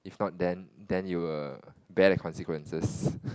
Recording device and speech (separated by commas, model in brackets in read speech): close-talking microphone, conversation in the same room